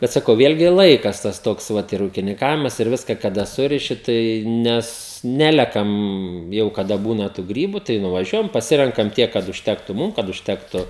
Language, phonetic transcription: Lithuanian, ˈbet saˈkau ˈvėlgi ˈlaikas tas ˈtoks ˈvat ir ūkininˈkavimas ir ˈviska kaˈda ˈsuriši tai ˈnes ˈnelekam jau kaˈda ˈbūna tų ˈgrybu tai nuvaˈžiuojam paˈsirenkam ˈtiek kad užˈtektu ˈmūm kad užˈtektu

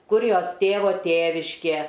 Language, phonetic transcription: Lithuanian, ˈkur ˈjos ˈtėvo ˈtėviškė

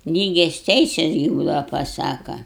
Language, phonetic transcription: Lithuanian, ˈlygias ˈteises gi ˈbūdava paˈsaka

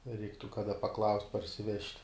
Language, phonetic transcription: Lithuanian, ˈreiktu kaˈda paˈklaust' parsiˈvežt'

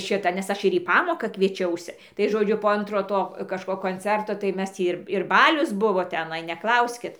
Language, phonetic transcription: Lithuanian, ˈšita ˈnes ˈaš ir į ˈpamoka kvieˈčiausi tai ˈžodžiu po ˈantro ˈto kažˈko konˈcerto tai ˈmes ˈtį ir ir ˈbalius ˈbuvo teˈnai neˈklauskit

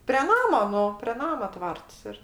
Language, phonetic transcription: Lithuanian, pre ˈnamo ˈnu pre ˈnama ˈtvarts ir

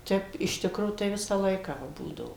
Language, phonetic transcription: Lithuanian, ˈtep iš ˈtikro tai ˈvisą ˈlaiką ˈva ˈbūdavo

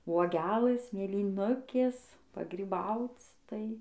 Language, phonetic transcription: Lithuanian, uoˈgelɘs mėlyˈnukės pagryˈbauc ˈtai

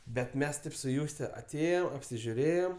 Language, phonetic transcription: Lithuanian, bet ˈmes ˈtaip su ˈjūste aˈtėjom apsižiuˈrėjom

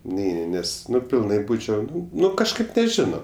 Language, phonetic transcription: Lithuanian, ˈneini ˈnes ˈnu pilˈnai ˈbūčiau ˈnu ˈnu kažˈkaip neˈžino

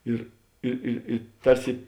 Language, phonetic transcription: Lithuanian, ˈir i i i ˈtarsi

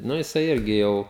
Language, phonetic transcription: Lithuanian, ˈnu jiˈsai ˈirgi ˈjau

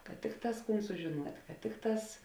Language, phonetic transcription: Lithuanian, kad ˈtikˌtās ˈkūn sužiˈnuot' kad ˈtikˌtās

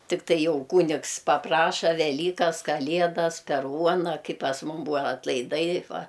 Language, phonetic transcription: Lithuanian, tikˈtai ˈjau ˈkūnigs paˈpraša veˈlykas kaˈliedas per ˈuona ˈkai pas ˈmum ˈbūva atlaiˈdai ˈva

